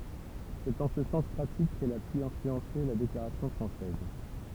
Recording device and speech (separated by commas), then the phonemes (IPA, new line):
temple vibration pickup, read sentence
sɛt ɑ̃ sə sɑ̃s pʁatik kɛl a py ɛ̃flyɑ̃se la deklaʁasjɔ̃ fʁɑ̃sɛz